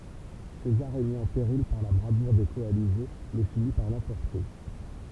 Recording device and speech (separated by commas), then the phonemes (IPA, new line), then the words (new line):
temple vibration pickup, read sentence
sezaʁ ɛ mi ɑ̃ peʁil paʁ la bʁavuʁ de kɔalize mɛ fini paʁ lɑ̃pɔʁte
César est mis en péril par la bravoure des coalisés, mais finit par l'emporter.